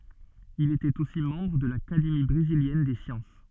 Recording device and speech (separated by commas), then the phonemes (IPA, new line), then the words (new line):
soft in-ear microphone, read sentence
il etɛt osi mɑ̃bʁ də lakademi bʁeziljɛn de sjɑ̃s
Il était aussi membre de l'Académie brésilienne des sciences.